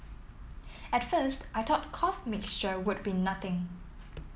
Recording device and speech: mobile phone (iPhone 7), read sentence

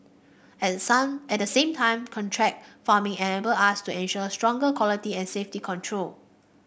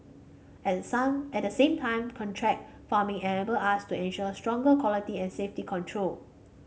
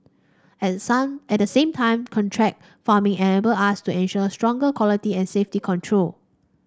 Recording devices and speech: boundary microphone (BM630), mobile phone (Samsung C5), standing microphone (AKG C214), read sentence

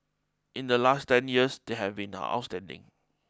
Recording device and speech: close-talking microphone (WH20), read sentence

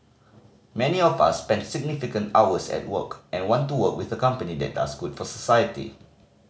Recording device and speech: mobile phone (Samsung C5010), read sentence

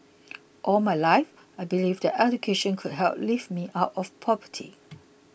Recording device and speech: boundary microphone (BM630), read sentence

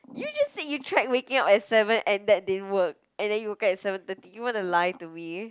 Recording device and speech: close-talking microphone, conversation in the same room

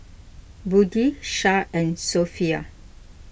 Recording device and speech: boundary microphone (BM630), read sentence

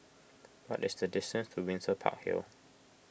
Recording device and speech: boundary microphone (BM630), read sentence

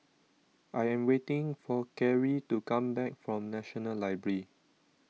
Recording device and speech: mobile phone (iPhone 6), read sentence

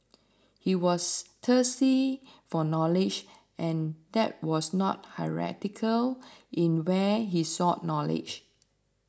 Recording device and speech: standing microphone (AKG C214), read sentence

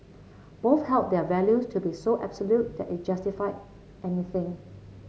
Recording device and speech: mobile phone (Samsung C7), read sentence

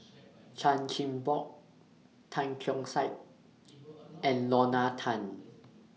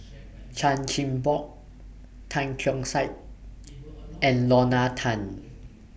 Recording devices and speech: mobile phone (iPhone 6), boundary microphone (BM630), read sentence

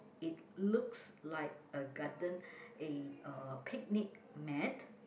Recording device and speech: boundary microphone, conversation in the same room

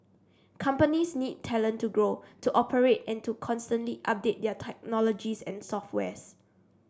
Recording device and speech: standing microphone (AKG C214), read sentence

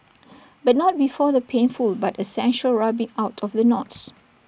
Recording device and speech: boundary microphone (BM630), read sentence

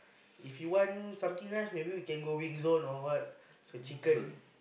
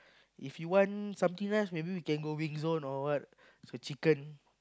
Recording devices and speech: boundary microphone, close-talking microphone, conversation in the same room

